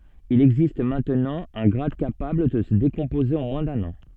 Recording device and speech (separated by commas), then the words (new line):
soft in-ear microphone, read sentence
Il existe maintenant un grade capable de se décomposer en moins d'un an.